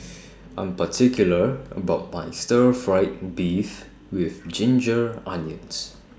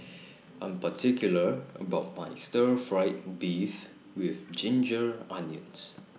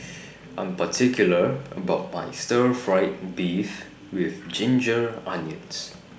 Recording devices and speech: standing microphone (AKG C214), mobile phone (iPhone 6), boundary microphone (BM630), read sentence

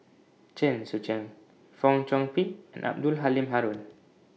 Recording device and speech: mobile phone (iPhone 6), read sentence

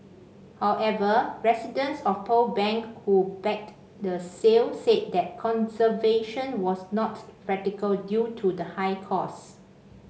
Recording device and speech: mobile phone (Samsung C5), read sentence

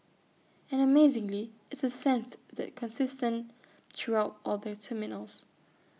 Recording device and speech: mobile phone (iPhone 6), read sentence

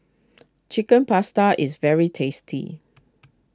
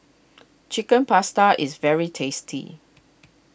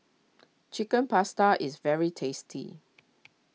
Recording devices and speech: close-talking microphone (WH20), boundary microphone (BM630), mobile phone (iPhone 6), read sentence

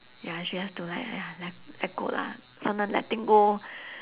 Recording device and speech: telephone, conversation in separate rooms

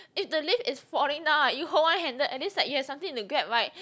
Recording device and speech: close-talking microphone, conversation in the same room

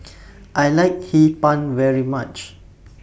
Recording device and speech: boundary microphone (BM630), read sentence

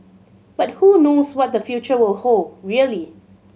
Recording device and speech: mobile phone (Samsung C7100), read sentence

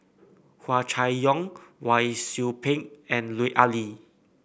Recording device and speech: boundary microphone (BM630), read sentence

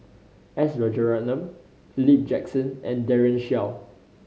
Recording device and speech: mobile phone (Samsung C5010), read sentence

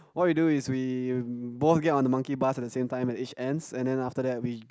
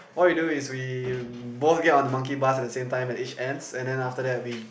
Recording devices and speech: close-talking microphone, boundary microphone, conversation in the same room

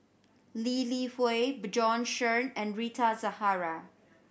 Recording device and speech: boundary microphone (BM630), read sentence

